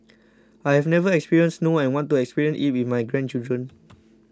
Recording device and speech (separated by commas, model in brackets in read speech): close-talking microphone (WH20), read sentence